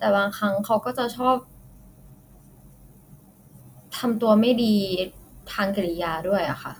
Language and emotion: Thai, frustrated